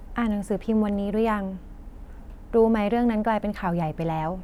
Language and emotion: Thai, neutral